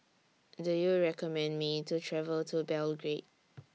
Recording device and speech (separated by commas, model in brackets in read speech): mobile phone (iPhone 6), read sentence